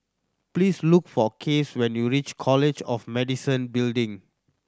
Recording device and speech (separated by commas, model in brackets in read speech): standing microphone (AKG C214), read sentence